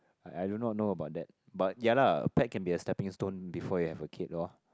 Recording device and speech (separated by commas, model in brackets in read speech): close-talking microphone, conversation in the same room